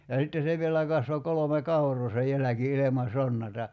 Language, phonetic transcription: Finnish, ja 'sitte 'se vielä kasvo 'kolome "kaur̀oo se 'jäläki 'ilema 'sonnata .
- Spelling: ja sitten se vielä kasvoi kolme kauraa se jälki ilman sonnatta

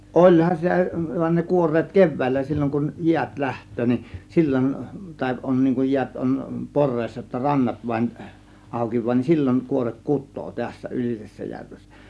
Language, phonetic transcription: Finnish, oĺhan sitä , van͕ ne 'kuor̆reet "kev̆vä̀illä 'sil͕l͕oŋ kuj 'jiät "läht̆töö nin , "sil͕l͕on tàė 'ˀon niiŋ kuj 'jiät on , "por̆reessa jotta "rannat vaĭn , 'àȯki(v̆vaa) nin , "sil͕l͕oŋ kuorek "kut̆too tässä 'Ylisessäjärvessä .
- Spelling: olihan sitä vaan ne kuoreet keväällä silloin kun jäät lähtee niin silloin tai on niin kun jäät on poreessa jotta rannat vain aukeaa niin silloin kuoreet kutee tässä Ylisessäjärvessä

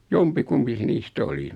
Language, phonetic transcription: Finnish, 'jompi'kumpi se 'niis"t ‿oli .
- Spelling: jompikumpi se niistä oli

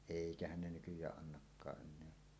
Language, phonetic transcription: Finnish, 'èikähän ne nykyj̀ääˀ ˀannakkaaˀ ˀen̆neä .
- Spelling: eikähän ne nykyään annakaan enää

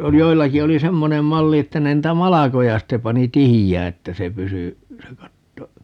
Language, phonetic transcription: Finnish, 'joillaki oli "semmonem 'malli että ne 'niitä "malakoja 'sitte 'pani "tihijää 'että se 'pysy , se 'katto , .
- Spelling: joillakin oli semmoinen malli että ne niitä malkoja sitten pani tiheään että se pysyi se katto

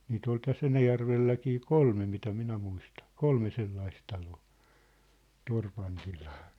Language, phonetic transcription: Finnish, niit ‿ol 'täs"s ‿Enäjärvelläkii "kolme mitä 'minä muistan̬ , "kolme 'sellais taloo , 'torpan tilaa .
- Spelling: niitä oli tässä Enäjärvelläkin kolme mitä minä muistan kolme sellaista taloa torpan tilaa

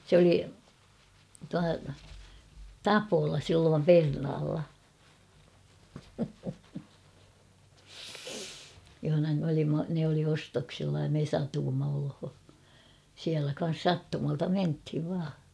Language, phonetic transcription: Finnish, sᵉ ‿oli , tua , "Tapola 'silloom "Pernaalla , johona m ‿olimma , ne oli 'ostoksilla ja me 'satuumma olho , siälä kan̬s "sattumalta 'menthiv vaa .
- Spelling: se oli tuo Tapola silloin Pernaalla jossa me olimme ne oli ostoksilla ja me satuimme olemaan siellä kanssa sattumalta mentiin vain

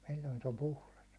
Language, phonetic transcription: Finnish, sil̜l̜oin se om "puhlas .
- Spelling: silloin se on puhdas

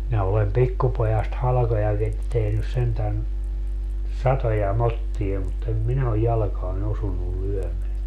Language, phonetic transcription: Finnish, minä olem "pikkupojast 'halᵃkojakit 'tehnys sentän , "satoja "mottie mut em "minä oj 'jalᵃkaan ‿osunnul 'lyömeä .
- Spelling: minä olen pikkupojasta halkojakin tehnyt sentään satoja motteja mutta en minä ole jalkaan osunut lyömään

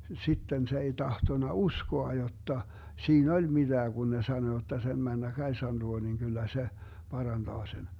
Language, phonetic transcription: Finnish, 'sitten se ei 'tahtona "uskoa 'jotta , 'sii"n ‿oĺ 'miDää Gun ne 'sano jotta 'sem 'männä 'Kaisan luo niŋ kyllä 'se , 'paranDaa sen .
- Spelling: sitten se ei tahtonut uskoa jotta siinä oli mitään kun ne sanoi jotta sen mennä Kaisan luo niin kyllä se parantaa sen

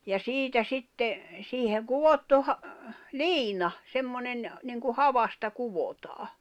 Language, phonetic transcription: Finnish, ja "siitä 'sitte , 'siiheŋ "kuvottu ha- , "liina , 'semmonen , niŋku 'havasta 'kuvotaa .
- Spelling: ja siitä sitten siihen kudottu - liina semmoinen niin kuin havasta kudotaan

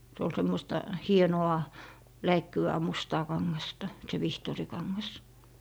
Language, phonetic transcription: Finnish, 'se ol 'semmosta , "hieno₍a , 'läikkyvää 'mustaa 'kaŋŋasta , se "vihtòrikaŋŋas .
- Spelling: se oli semmoista hienoa läikkyvää mustaa kangasta se vihtorikangas

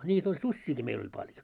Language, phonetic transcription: Finnish, ńiit ‿oĺ "suśśiiki meil ‿oĺ 'paljo .
- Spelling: niitä oli susiakin meillä oli paljon

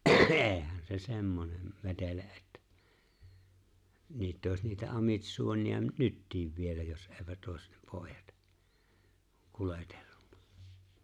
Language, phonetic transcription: Finnish, 'e̬e̬hän se 'semmonem , 'vetele ’ettᴀ̈ , 'niitᵗ òes niitä 'amitsuoni₍a "nyttiiv 'vielä jos '’eeⁱvät òes , 'pòejat , 'kuletelluɴɴᴀ .
- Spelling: eihän se semmoinen vetele että niitä olisi niitä amitsuoneja nytkin vielä jos eivät olisi pojat kuljetellut

